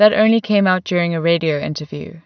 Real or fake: real